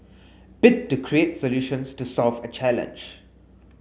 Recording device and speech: mobile phone (Samsung S8), read sentence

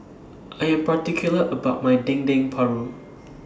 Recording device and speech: standing microphone (AKG C214), read sentence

